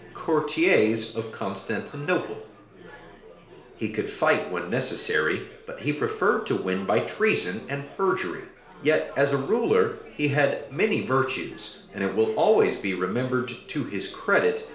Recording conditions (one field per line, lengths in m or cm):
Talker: one person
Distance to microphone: 1.0 m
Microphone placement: close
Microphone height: 1.1 m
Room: small (3.7 m by 2.7 m)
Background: babble